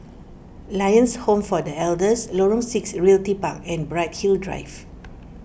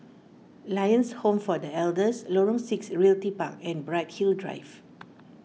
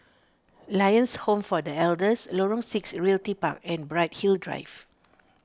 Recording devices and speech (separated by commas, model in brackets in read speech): boundary microphone (BM630), mobile phone (iPhone 6), standing microphone (AKG C214), read sentence